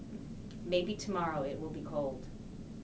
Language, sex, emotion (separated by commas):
English, female, neutral